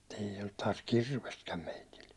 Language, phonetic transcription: Finnish, m(ut) ei ollut taas "kirvestkäm 'meitil .
- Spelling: mutta ei ollut taas kirvestäkään meillä

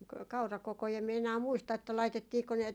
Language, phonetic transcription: Finnish, ka- 'kaurakokoi em mie enää 'muista että 'laitettiiko ne ,.
- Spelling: - kaurakokoja en minä enää muista että laitettiinko ne

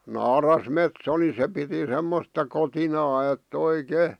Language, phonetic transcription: Finnish, naarasmetso ni 'se piti 'semmosta kotinaa et"t ‿oi'kè .
- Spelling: naarasmetso niin se piti semmoista kotinaa että oikein

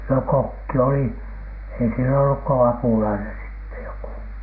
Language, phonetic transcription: Finnish, no "kokki oli , ei siel ‿olluk ko "apulainen sitte 'joku .
- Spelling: no kokki oli ei siellä ollut kuin apulainen sitten joku

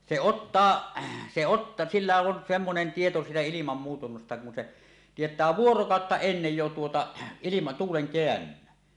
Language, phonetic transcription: Finnish, 'se "ottaa , se ot- , 'sillä on 'semmonen 'tieto siitä 'ilimam muutunnasta kun 'se , "tiet̀ää "vuorokàotta 'ennej jo tuota , ilima- , 'tuuleŋ 'keännyn̆nän .
- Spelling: se ottaa se - sillä on semmoinen tieto siitä ilman muutunnasta kun se tietää vuorokautta ennen jo tuota - tuulen kääntymisen

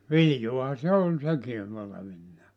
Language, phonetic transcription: Finnish, "viljoaha se 'ol 'seki , 'olevinnaa .
- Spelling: viljaahan se oli sekin olevinaan

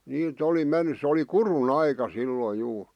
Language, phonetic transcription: Finnish, 'nii't ‿oli 'menny sᵉ ‿oli "kuru'n ‿aika 'silloi juu .
- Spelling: niitä oli mennyt se oli kudun aika silloin juu

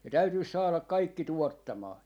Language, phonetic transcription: Finnish, ne 'täytyis 'saalak̆ "kaikki "tuottamaa .
- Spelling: ne täytyisi saada kaikki tuottamaan

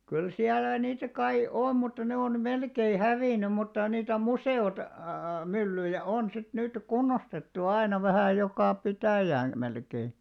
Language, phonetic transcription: Finnish, kyl 'siäl̆lä 'niitä kai , "om mutta 'ne on̳§ 'melkei "hävìny muttà niitä 'muse₍ot- , '-myllyjä 'on sit 'nyt "kunnostettu 'aina vähä̀ 'jokà 'pitäjään̬ , melkei .
- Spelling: kyllä siellä niitä kai on mutta ne on melkein hävinnyt mutta niitä - museomyllyjä on sitten nyt kunnostettu aina vähän joka pitäjään melkein

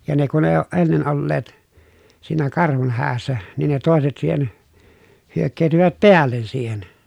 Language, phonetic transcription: Finnish, ja ne kun ee ooʼ ʼennen olleet , siinä karhun häässä , niin ne tòeset siihen , hyökkeetyvät peällen siihen .
- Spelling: ja ne kun ei ole ennen olleet siinä karhun hädässä niin ne toiset siihen hyökkäytyivät päälle siihen

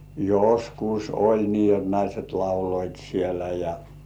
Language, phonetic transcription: Finnish, joskus oĺ 'nii jot "naiset 'lauloit sielä ja .
- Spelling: joskus oli niin jotta naiset lauloivat siellä ja

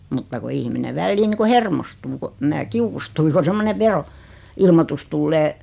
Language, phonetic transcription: Finnish, mutta ku 'ihmine "vällii 'ni ku "hermostuu ko , mää 'kiukustui ko 'semmone "vero- , -'ilmotus tullee .
- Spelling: mutta kun ihminen väliin niin kuin hermostuu kun minä kiukustuin kun semmoinen - veroilmoitus tulee

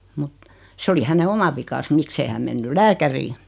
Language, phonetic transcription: Finnish, mut , 'se oli häne 'oma vikas 'miksei häm mennyl "lääkärii .
- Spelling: mutta se oli hänen oma vikansa miksi ei hän mennyt lääkäriin

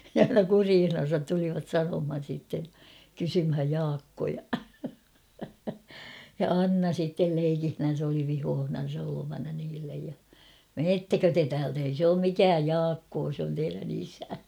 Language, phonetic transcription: Finnish, ne aina "kuriihnan̬sat tulivat 'sanomhan̬ sìtten̬ , 'kysymhäj "Jaakkoja- ja "Anna sittel 'leikihnän̬s ‿oli 'vihoohnan̬sa olovana niillej ja , » "meettäkö te täält ‿ei sᵉ ‿oom 'mikääj "Jaakkoo sᵉ ‿on teirän ‿'isä « .
- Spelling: ne aina kureissansa tulivat sanomaan sitten kysymään Jaakkoa ja Anna sitten leikillänsä oli vihoissansa olevana niille ja menettekö te täältä ei se ole mikään Jaakko se on teidän isä

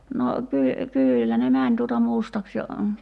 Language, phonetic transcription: Finnish, no , ky- , 'kyyllä ne "mäń tuota 'mustaks ja ,.
- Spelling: no - kyllä ne meni tuota mustaksi ja

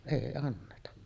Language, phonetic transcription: Finnish, 'èi anneta .
- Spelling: ei anneta

